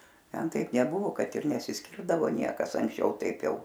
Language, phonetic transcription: Lithuanian, ˈten ˈtaip neˈbuvo ˈkad ir nesiˈskirdavo ˈniekas anksˈčiau ˈtaip ˈjau

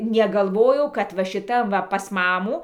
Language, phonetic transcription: Lithuanian, negalˈvojau kad va šiˈtam ˈva pas ˈmamų

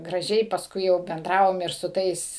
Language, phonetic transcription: Lithuanian, graˈžiai pasˈkui jau benˈdravom ir su ˈtais

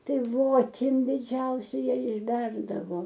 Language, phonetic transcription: Lithuanian, ˈtai voˈtim diˈdžiausia ˈją išˈberdavo

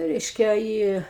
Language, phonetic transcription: Lithuanian, ˈreiškia ˈį

